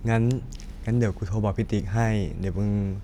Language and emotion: Thai, neutral